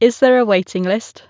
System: none